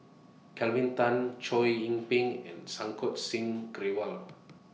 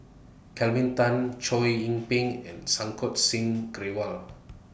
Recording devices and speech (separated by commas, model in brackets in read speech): mobile phone (iPhone 6), boundary microphone (BM630), read sentence